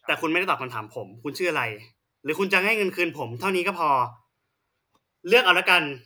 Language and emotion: Thai, angry